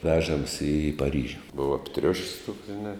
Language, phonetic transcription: Lithuanian, ˈvežams i paˈryžiu ˈbuva apˈtriuš's' tuoks žiˈna

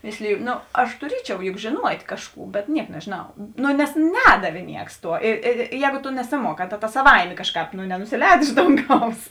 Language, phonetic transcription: Lithuanian, ˈmėsliju ˈno aš tuˈriečiau juk žėˈnuot' ˈkažˌkų bet ˈniek nežėˈnau no nes ˈnedavė ˈnieks ˈtuo i i i ˈjēgu tu nesiˈmuoˌkā ta ˈtas saˈvaimė ˈkažˌkāp nu nenusiˈlēd ˈiš donˌgaus

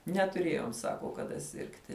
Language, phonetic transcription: Lithuanian, netuˈrėjom ˈsako kaˈda ˈsirgti

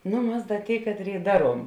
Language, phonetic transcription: Lithuanian, ˈnu ˈmas ˈda ˈtėi ˈkatˌrėi ˈdaˌruom

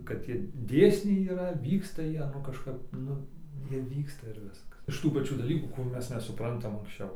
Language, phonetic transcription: Lithuanian, kad ˈtie ˈdėsniai yˈra ˈvyksta ˈjie nu kažˈkap ˈnu ˈjie ˈvyksta ir ˈviskas iš ˈtų paˈčių daˈlykų kuˈrių ˈmes nesuˈprantam anksˈčiau

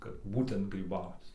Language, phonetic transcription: Lithuanian, kad ˈbūtent gryˈbauc

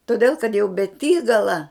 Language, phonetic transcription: Lithuanian, toˈdėl kad jau beˈtygala

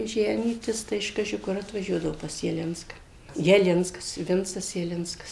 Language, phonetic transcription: Lithuanian, ˈženytis tai iš ˈkaži ˈkur atvaˈžiuodavo pas jaˈlinska jaˈlinskas ˈvincas jaˈlinskas

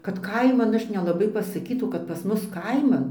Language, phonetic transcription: Lithuanian, kad ˈkaiman ˈaš nelaˈbai pasaˈkytau kad pas ˈmus ˈkaiman

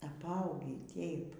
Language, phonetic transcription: Lithuanian, apˈaugį ˈtėip

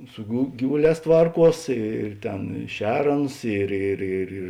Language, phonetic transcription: Lithuanian, su gu ˈgyvuˌlēs ˈtvarˌkuos ir ˈtėn i ˈšer ˈaˌnus ˈir ir ir ir

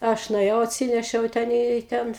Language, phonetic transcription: Lithuanian, ˈaš nuėˈjau atˈsinešiau ˈten į ˈten

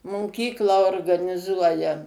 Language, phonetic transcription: Lithuanian, moˈkyklą organiˈzuoja

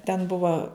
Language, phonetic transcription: Lithuanian, ten ˈbuvo

